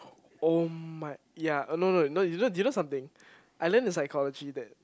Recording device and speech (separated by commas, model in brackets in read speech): close-talking microphone, conversation in the same room